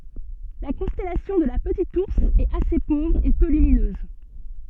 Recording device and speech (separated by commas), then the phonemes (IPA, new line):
soft in-ear microphone, read sentence
la kɔ̃stɛlasjɔ̃ də la pətit uʁs ɛt ase povʁ e pø lyminøz